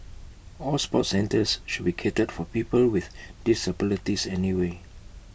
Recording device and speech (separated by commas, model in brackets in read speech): boundary microphone (BM630), read sentence